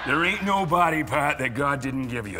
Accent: boston accent